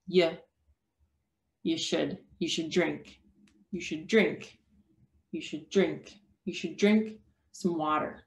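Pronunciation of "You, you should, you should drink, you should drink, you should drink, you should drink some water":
In 'you should', the vowels are reduced to a schwa. 'Drink' and 'water' are the stressed words.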